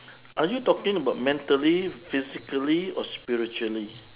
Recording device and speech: telephone, conversation in separate rooms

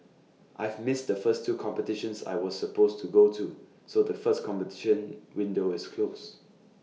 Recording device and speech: mobile phone (iPhone 6), read sentence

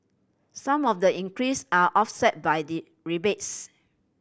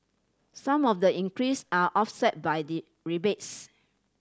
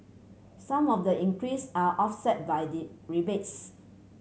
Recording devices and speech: boundary microphone (BM630), standing microphone (AKG C214), mobile phone (Samsung C7100), read sentence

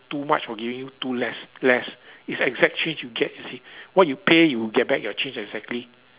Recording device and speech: telephone, conversation in separate rooms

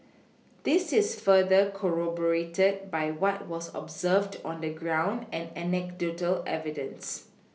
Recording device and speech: mobile phone (iPhone 6), read sentence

